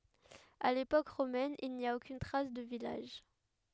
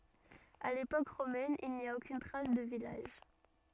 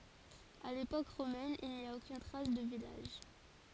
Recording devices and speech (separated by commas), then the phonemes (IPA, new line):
headset microphone, soft in-ear microphone, forehead accelerometer, read sentence
a lepok ʁomɛn il ni a okyn tʁas də vilaʒ